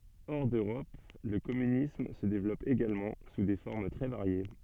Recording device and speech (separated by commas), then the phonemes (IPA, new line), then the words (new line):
soft in-ear microphone, read sentence
ɔʁ døʁɔp lə kɔmynism sə devlɔp eɡalmɑ̃ su de fɔʁm tʁɛ vaʁje
Hors d'Europe, le communisme se développe également, sous des formes très variées.